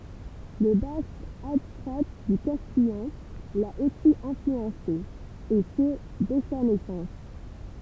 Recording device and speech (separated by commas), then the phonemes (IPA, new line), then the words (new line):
temple vibration pickup, read sentence
lə bask adstʁa dy kastijɑ̃ la osi ɛ̃flyɑ̃se e sə dɛ sa nɛsɑ̃s
Le basque, adstrat du castillan, l'a aussi influencé, et ce dès sa naissance.